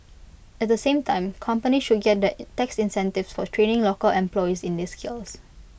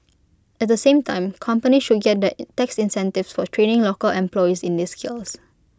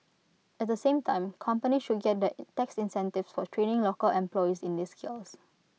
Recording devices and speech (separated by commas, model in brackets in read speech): boundary microphone (BM630), close-talking microphone (WH20), mobile phone (iPhone 6), read sentence